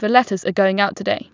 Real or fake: real